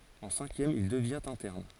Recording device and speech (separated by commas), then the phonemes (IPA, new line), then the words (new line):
forehead accelerometer, read sentence
ɑ̃ sɛ̃kjɛm il dəvjɛ̃t ɛ̃tɛʁn
En cinquième, il devient interne.